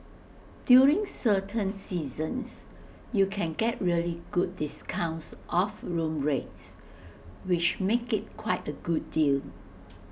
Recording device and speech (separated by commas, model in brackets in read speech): boundary microphone (BM630), read sentence